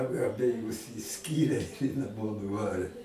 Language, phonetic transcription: Lithuanian, a abeˈjus išˈskyrė i naˈmo nuˈvarė

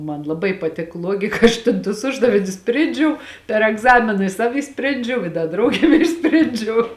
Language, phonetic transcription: Lithuanian, ˈman laˈbai paˈtik ˈluogika ˈaš tėn tus ˈuždavinius ˈsprėndžiau per egˈzamina i ˈsavi išˈsprėndžiau i ˈda ˈdraugėm ˈišsprėndžiau

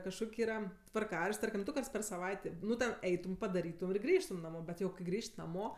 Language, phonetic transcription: Lithuanian, kažˈkok' ˈyra tvarˈkarašt' ˈtarkim ˈdu ˈkarts per saˈvaitė ˈnu ten ˈeitum padaˈrytum ir ˈgrįžtum naˈmo ˈbet jau kai ˈgrįž't' naˈmo

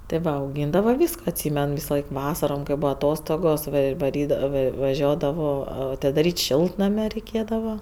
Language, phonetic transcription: Lithuanian, tė ˈva auˈgyndava ˈvysko atˈsymen ˈvisaˌlaik ˈvasarom kai ˈbūa aˈtostogos ir vaˈrydavo ˈva vaˈžiuodavo atidaˈryt' ˈšiltname reiˈkėdava

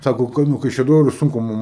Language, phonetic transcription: Lithuanian, ˈsako ˈkai nu kaišiaˈdoriu ˈsunku ˈmum

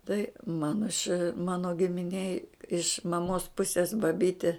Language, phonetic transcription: Lithuanian, tai ˈmano iš ˈmano giminˈėj iš maˈmos ˈpusės baˈbytė

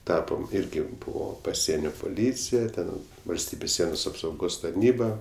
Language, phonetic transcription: Lithuanian, ˈtapom ˈirgi ˈbūvo paˈsienio puˈlycija ˈten valsˈtybės ˈsienos apsauˈgos tarˈnyba

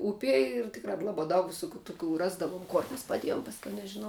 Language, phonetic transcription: Lithuanian, ˈupie ir ˈtikrā ˈlabā ˈdaug viˈsukių tuˈkių ˈrasdavuom ˈkor mes paˈdiejom ˈpasˌkiau nežiˈnau

